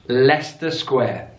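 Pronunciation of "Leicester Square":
'Leicester Square' is pronounced correctly here.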